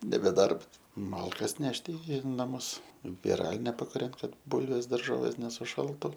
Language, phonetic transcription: Lithuanian, nebe ˈdarbs ˈmalkas ˈnešti i naˈmus viˈraline pakuˈrent ˈkad ˈbulvės darˈžovės nesuˈšaltu

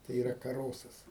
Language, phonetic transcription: Lithuanian, tai yˈra kaˈrosas

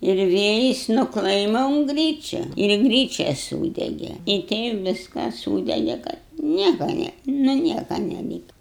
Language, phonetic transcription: Lithuanian, ir ˈvėjis nu ˈklaima un ˈgryčia ir ˈgryčia ˈsūdege i ˈteip ˈviskas ˈsūdege kad ˈnieka ne nu ˈnieka neˈlyka

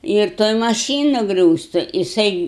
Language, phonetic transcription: Lithuanian, ir ˈtoj maˈšynu ˈgriūstu jiˈsai

